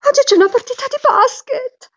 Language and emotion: Italian, happy